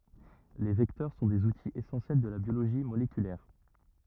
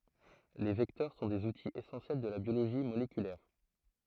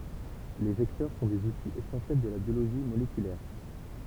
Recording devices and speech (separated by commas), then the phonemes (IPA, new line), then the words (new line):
rigid in-ear microphone, throat microphone, temple vibration pickup, read sentence
le vɛktœʁ sɔ̃ dez utiz esɑ̃sjɛl də la bjoloʒi molekylɛʁ
Les vecteurs sont des outils essentiels de la biologie moléculaire.